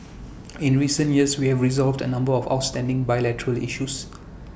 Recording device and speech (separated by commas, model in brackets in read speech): boundary microphone (BM630), read sentence